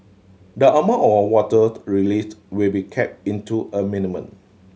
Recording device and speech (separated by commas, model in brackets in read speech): mobile phone (Samsung C7100), read sentence